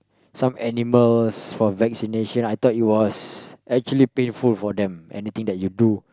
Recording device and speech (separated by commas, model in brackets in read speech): close-talking microphone, conversation in the same room